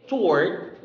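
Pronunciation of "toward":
'Toward' is said with the w silent.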